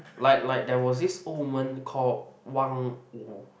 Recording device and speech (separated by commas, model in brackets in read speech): boundary microphone, conversation in the same room